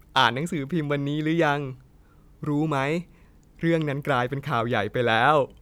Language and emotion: Thai, sad